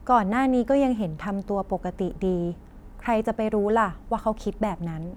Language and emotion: Thai, neutral